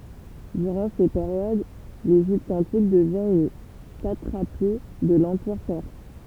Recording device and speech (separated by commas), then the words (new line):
temple vibration pickup, read sentence
Durant ces périodes, l'Égypte antique devient une satrapie de l'empire perse.